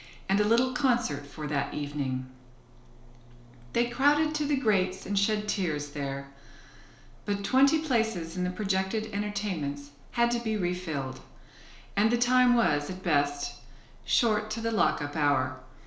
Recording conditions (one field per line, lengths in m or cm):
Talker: one person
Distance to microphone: 1.0 m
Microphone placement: close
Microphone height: 1.1 m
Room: small (3.7 m by 2.7 m)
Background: none